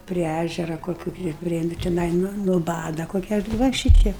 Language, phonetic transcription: Lithuanian, pri ˈæžera koˈkių ti ˈprie ˈnu tiˈnai nu nuˈbada ˈkokia ˈva ˈšyteip

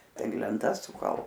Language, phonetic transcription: Lithuanian, tai lenˈtas suˈkal

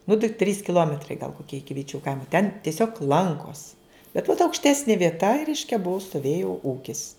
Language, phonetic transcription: Lithuanian, nu tai trys kiˈlometrai gal koˈkie ˈiki viˈčių ˈkaimo ten tieˈsiog ˈlankos bet vat aukšˈtesni vieˈta i ˈreiškia ˈbuu stoˈvėju ˈūkis

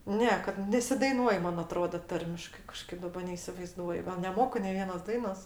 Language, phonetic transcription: Lithuanian, ˈne kad nesidaiˈnuoj ˈman aˈtroda ˈtarmiškai kaˈžkaip daˈba neisivaiˈzduoju gal neˈmoku nei ˈvienos ˈdainos

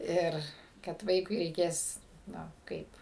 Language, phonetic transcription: Lithuanian, ˈir kad ˈvaikui reiˈkės ˈnu ˈkaip

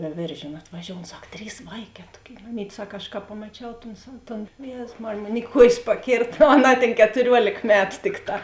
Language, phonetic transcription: Lithuanian, vēˈvėržėnu atvaˈžioun ˈsak ˈtrys ˈvaiˌkē ˈtuoˌkėi maˈmytˈ ˈsak aš ka pamaˈčiau ton sav ˈton ˈjėzus ˈmarėj ˈmon i ˈkuojės paˈkėrt o aˈnā tėn ketuˈriuolėk ˈmetu ˈtikˌtā

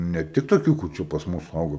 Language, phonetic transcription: Lithuanian, ne ˈtik toˈkių kur ˈčia pas ˈmus ˈaugo

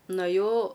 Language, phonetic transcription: Lithuanian, nuaˈjau

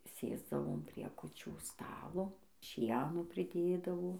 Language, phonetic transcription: Lithuanian, ˈsėsdavom ˈprie kuˈčių ˈstalo ˈšieno priˈdėdavo

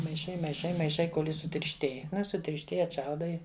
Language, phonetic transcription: Lithuanian, maiˈšai maiˈšai maiˈšai ˈkol' ˈjis sutiršˈtėj ˈnu i sutiršˈtėj atˈšaldai

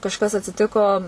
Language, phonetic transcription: Lithuanian, kažˈkas atsiˈtiko

